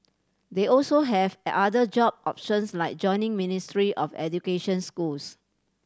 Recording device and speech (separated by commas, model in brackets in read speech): standing microphone (AKG C214), read sentence